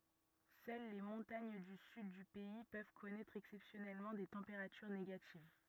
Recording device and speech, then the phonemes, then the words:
rigid in-ear microphone, read sentence
sœl le mɔ̃taɲ dy syd dy pɛi pøv kɔnɛtʁ ɛksɛpsjɔnɛlmɑ̃ de tɑ̃peʁatyʁ neɡativ
Seules les montagnes du sud du pays peuvent connaître exceptionnellement des températures négatives.

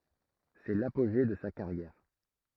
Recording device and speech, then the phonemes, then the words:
throat microphone, read sentence
sɛ lapoʒe də sa kaʁjɛʁ
C’est l’apogée de sa carrière.

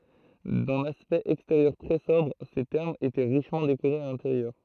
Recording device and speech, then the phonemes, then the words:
throat microphone, read sentence
dœ̃n aspɛkt ɛksteʁjœʁ tʁɛ sɔbʁ se tɛʁmz etɛ ʁiʃmɑ̃ dekoʁez a lɛ̃teʁjœʁ
D’un aspect extérieur très sobre, ces thermes étaient richement décorés à l’intérieur.

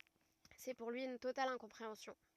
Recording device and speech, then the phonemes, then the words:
rigid in-ear microphone, read sentence
sɛ puʁ lyi yn total ɛ̃kɔ̃pʁeɑ̃sjɔ̃
C'est pour lui, une totale incompréhension.

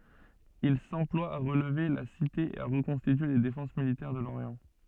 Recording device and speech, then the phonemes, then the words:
soft in-ear microphone, read sentence
il sɑ̃plwa a ʁəlve la site e a ʁəkɔ̃stitye le defɑ̃s militɛʁ də loʁjɑ̃
Il s'emploie à relever la cité et à reconstituer les défenses militaires de l'Orient.

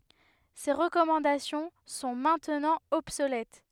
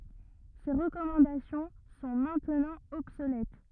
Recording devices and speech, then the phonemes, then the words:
headset microphone, rigid in-ear microphone, read sentence
se ʁəkɔmɑ̃dasjɔ̃ sɔ̃ mɛ̃tnɑ̃ ɔbsolɛt
Ces recommandations sont maintenant obsolètes.

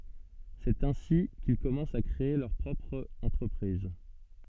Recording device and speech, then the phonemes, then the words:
soft in-ear microphone, read sentence
sɛt ɛ̃si kil kɔmɑ̃st a kʁee lœʁ pʁɔpʁ ɑ̃tʁəpʁiz
C’est ainsi qu’ils commencent à créer leur propre entreprise.

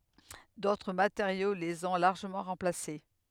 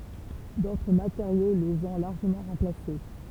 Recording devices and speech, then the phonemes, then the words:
headset microphone, temple vibration pickup, read sentence
dotʁ mateʁjo lez ɔ̃ laʁʒəmɑ̃ ʁɑ̃plase
D’autres matériaux les ont largement remplacés.

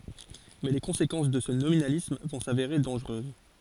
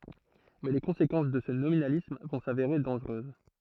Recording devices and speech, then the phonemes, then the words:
forehead accelerometer, throat microphone, read sentence
mɛ le kɔ̃sekɑ̃s də sə nominalism vɔ̃ saveʁe dɑ̃ʒʁøz
Mais les conséquences de ce nominalisme vont s'avérer dangereuses.

